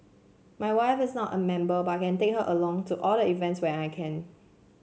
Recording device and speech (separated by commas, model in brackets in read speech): mobile phone (Samsung C7), read sentence